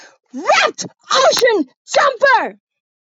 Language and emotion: English, disgusted